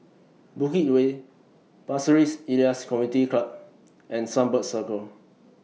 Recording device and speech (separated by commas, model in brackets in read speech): mobile phone (iPhone 6), read sentence